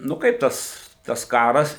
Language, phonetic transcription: Lithuanian, nu ˈkaip tas tas ˈkaras

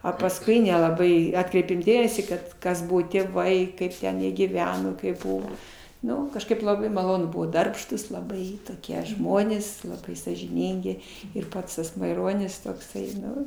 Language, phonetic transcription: Lithuanian, a pasˈkui nelaˈbai ˈatkreipėm ˈdėmesį ˈkad ˈkas ˈbuvo tėˈvai ˈkaip ten jie gyˈveno kaip ˈbuvo ˈnu kažˈkaip laˈbai maˈlonu ˈbuvo ˈdarbštūs laˈbai toˈkie ˈžmonės ˈlabai sąžiˈnyngi ir ˈpats tas maiˈronis tokˈsai ˈnu

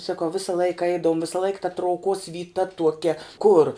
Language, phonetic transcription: Lithuanian, saˈkau ˈvisa ˈlaika ˈeidavum ˈvisa laik ta trauˈkos vyˈta tuoˈkia kur

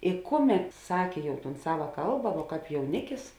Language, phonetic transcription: Lithuanian, i ˈkuˌmet ˈsakė ˈjau ˈtūn ˈsava ˈkalba vuo ˈkāp jauˈnikis

